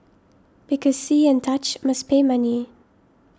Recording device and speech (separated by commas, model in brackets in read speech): standing microphone (AKG C214), read sentence